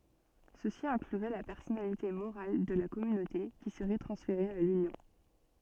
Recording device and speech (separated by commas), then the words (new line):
soft in-ear microphone, read sentence
Ceci inclurait la personnalité morale de la Communauté qui serait transféré à l'Union.